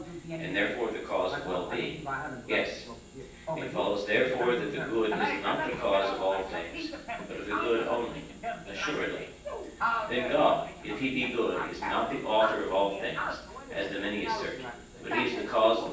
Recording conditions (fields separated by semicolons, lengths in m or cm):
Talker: one person; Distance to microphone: 9.8 m; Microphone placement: far; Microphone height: 1.8 m; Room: large; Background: television